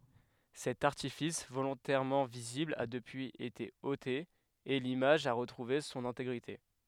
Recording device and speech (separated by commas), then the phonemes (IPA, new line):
headset microphone, read sentence
sɛt aʁtifis volɔ̃tɛʁmɑ̃ vizibl a dəpyiz ete ote e limaʒ a ʁətʁuve sɔ̃n ɛ̃teɡʁite